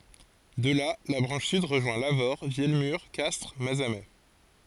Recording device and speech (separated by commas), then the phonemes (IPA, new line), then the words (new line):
forehead accelerometer, read sentence
də la la bʁɑ̃ʃ syd ʁəʒwɛ̃ lavoʁ vjɛlmyʁ kastʁ mazamɛ
De là, la branche sud rejoint Lavaur, Vielmur, Castres, Mazamet.